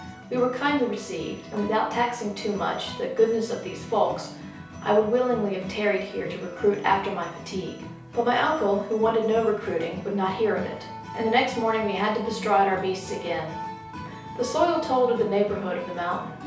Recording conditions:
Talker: one person; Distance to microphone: 3.0 m; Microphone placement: far; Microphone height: 1.8 m; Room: small (3.7 m by 2.7 m); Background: music

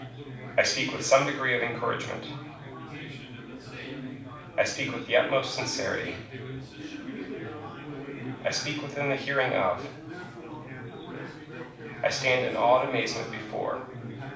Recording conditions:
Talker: one person; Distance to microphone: 5.8 m; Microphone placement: far; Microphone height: 1.8 m; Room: medium-sized (5.7 m by 4.0 m); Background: babble

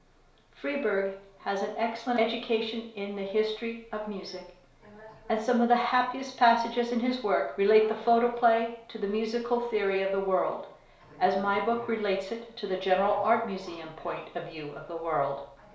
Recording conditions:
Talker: one person; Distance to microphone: 1.0 m; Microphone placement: close; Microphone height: 1.1 m; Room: small (3.7 m by 2.7 m); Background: television

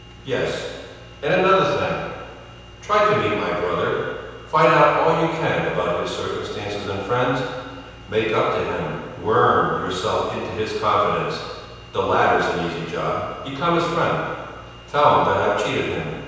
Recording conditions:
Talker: one person; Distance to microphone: 7.1 m; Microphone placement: far; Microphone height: 1.7 m; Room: very reverberant, large; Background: none

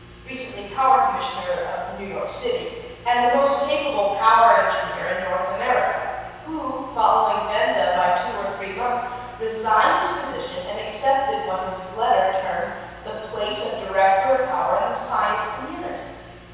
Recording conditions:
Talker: one person; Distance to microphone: 7.1 m; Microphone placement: far; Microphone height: 1.7 m; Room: very reverberant, large; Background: none

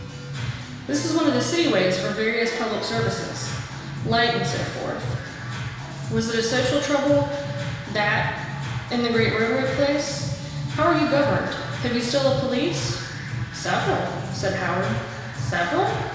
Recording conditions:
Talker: one person; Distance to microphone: 1.7 m; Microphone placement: close; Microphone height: 1.0 m; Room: very reverberant, large; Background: music

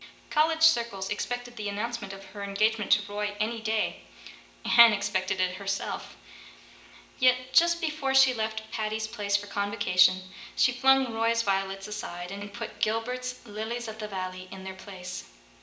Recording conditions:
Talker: one person; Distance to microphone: 1.8 m; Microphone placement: close; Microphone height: 1.0 m; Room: large; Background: none

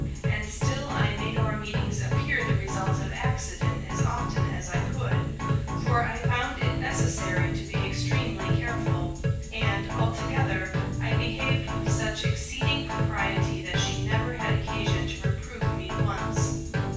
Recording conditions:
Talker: one person; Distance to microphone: 9.8 m; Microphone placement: far; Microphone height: 1.8 m; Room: large; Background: music

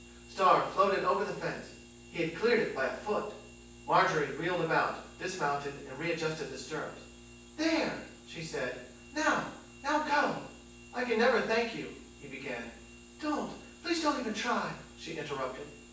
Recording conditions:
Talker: one person; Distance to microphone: 9.8 m; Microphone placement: far; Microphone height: 1.8 m; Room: large; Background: none

